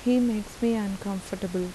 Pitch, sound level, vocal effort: 200 Hz, 81 dB SPL, soft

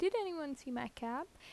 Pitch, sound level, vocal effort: 280 Hz, 80 dB SPL, normal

